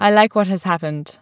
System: none